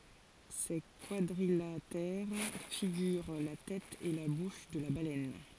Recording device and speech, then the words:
forehead accelerometer, read sentence
Ces quadrilatères figurent la tête et la bouche de la baleine.

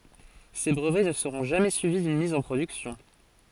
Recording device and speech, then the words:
forehead accelerometer, read sentence
Ces brevets ne seront jamais suivis d'une mise en production.

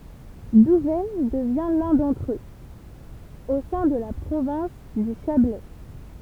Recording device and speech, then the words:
temple vibration pickup, read sentence
Douvaine devient l'un d'entre eux, au sein de la province du Chablais.

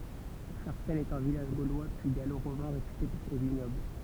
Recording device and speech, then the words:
temple vibration pickup, read sentence
Charcenne est un village gaulois puis gallo-romain réputé pour ses vignobles.

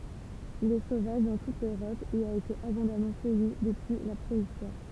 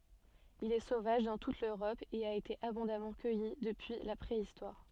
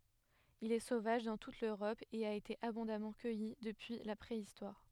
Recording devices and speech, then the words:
temple vibration pickup, soft in-ear microphone, headset microphone, read sentence
Il est sauvage dans toute l’Europe et a été abondamment cueilli depuis la Préhistoire.

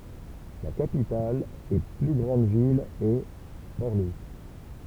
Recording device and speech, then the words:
temple vibration pickup, read sentence
La capitale et plus grande ville est Port-Louis.

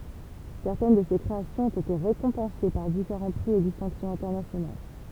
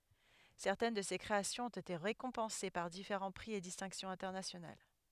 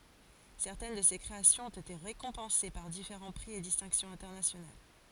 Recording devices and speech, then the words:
temple vibration pickup, headset microphone, forehead accelerometer, read sentence
Certaines de ces créations ont été récompensées par différents prix et distinctions internationales.

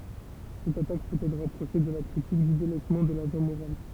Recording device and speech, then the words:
temple vibration pickup, read sentence
Cette attaque peut être rapprochée de la critique du délaissement de l'agent moral.

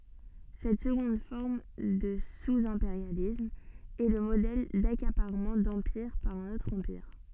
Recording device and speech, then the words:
soft in-ear microphone, read sentence
Cette seconde forme de sous-impérialisme est le modèle d'accaparement d'empire par un autre empire.

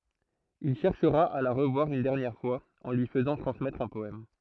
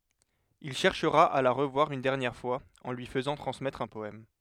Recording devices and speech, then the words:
throat microphone, headset microphone, read sentence
Il cherchera à la revoir une dernière fois, en lui faisant transmettre un poème.

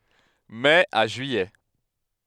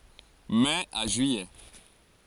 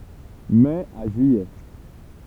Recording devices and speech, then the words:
headset microphone, forehead accelerometer, temple vibration pickup, read sentence
Mai à juillet.

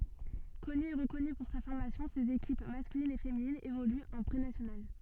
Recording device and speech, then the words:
soft in-ear microphone, read sentence
Connu et reconnu pour sa formation ses équipes masculine et féminine évoluent en Prénationale.

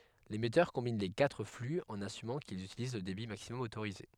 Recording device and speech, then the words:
headset microphone, read sentence
L'émetteur combine les quatre flux en assumant qu'ils utilisent le débit maximum autorisé.

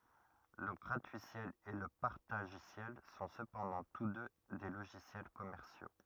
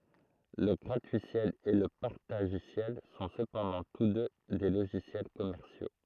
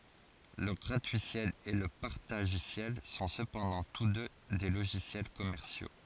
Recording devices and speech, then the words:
rigid in-ear microphone, throat microphone, forehead accelerometer, read sentence
Le gratuiciel et le partagiciel sont cependant tous deux des logiciels commerciaux.

